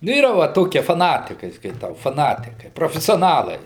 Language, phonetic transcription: Lithuanian, nu ˈyra va ˈtokie faˈnatikai skaiˈtau faˈnatikai profesioˈnalai

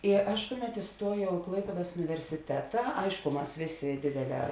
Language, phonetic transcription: Lithuanian, i ˈaš ˈkuˌmet iˈstuojau i ˈklaipėdas universiˈteta ˈaišku ˈmas ˈvėˌsė ˈdėdėˌlē

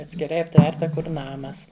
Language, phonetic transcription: Lithuanian, atskiˈrai apˈtverta ˈkur ˈnamas

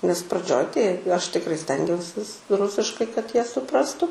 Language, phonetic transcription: Lithuanian, nes praˈdžioj tai ˈaš tikˈrai ˈstengiausis ˈrusiškai kad ˈjie suˈprastu

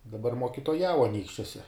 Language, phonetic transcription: Lithuanian, daˈbar mokitoˈjau aˈnykščiuose

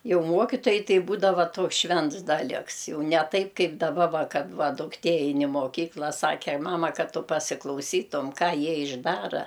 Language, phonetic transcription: Lithuanian, ˈjau ˈmuokitojai ˈtai ˈbūdava ˈtoks ˈšvents ˈdaliks ˈjau ne ˈtaip ˈkaip daˈba ˈva ˈkad ˈva dukˈtė ˈein i moˈkykla ˈsake ˈmama ˈkad ˈtu pasiklauˈsytum ˈką ˈjie išˈdara

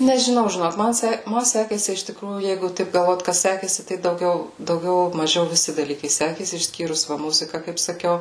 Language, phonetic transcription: Lithuanian, nežiˈnau žiˈnok man ˈse ˈma ˈsekėsi iš tiˈkrųjų ˈjeigu ˈtaip galˈvot ˈkas ˈsekėsi tai dauˈgiau dauˈgiau maˈžiau viˈsi daˈlykai ˈsekėsi išˈskyrus ˈva ˈmuzika kaip saˈkiau

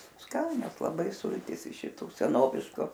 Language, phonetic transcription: Lithuanian, ˈskanios laˈbai ˈsultys iš šiˈtu seˈnovišku

